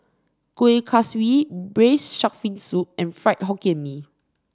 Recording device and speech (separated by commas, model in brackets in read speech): standing microphone (AKG C214), read sentence